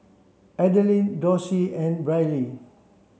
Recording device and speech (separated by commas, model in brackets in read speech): mobile phone (Samsung C7), read sentence